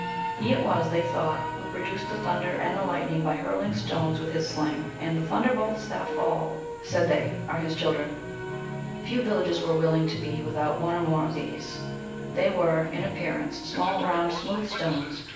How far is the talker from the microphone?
9.8 m.